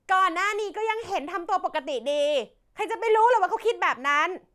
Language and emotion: Thai, angry